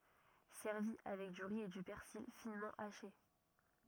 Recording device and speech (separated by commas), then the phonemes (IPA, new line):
rigid in-ear microphone, read sentence
sɛʁvi avɛk dy ʁi e dy pɛʁsil finmɑ̃ aʃe